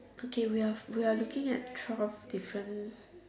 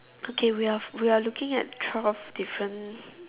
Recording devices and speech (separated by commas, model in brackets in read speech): standing microphone, telephone, conversation in separate rooms